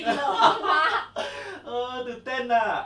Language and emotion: Thai, happy